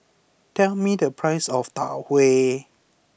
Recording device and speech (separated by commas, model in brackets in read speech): boundary microphone (BM630), read sentence